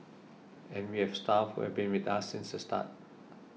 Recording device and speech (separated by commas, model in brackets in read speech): mobile phone (iPhone 6), read sentence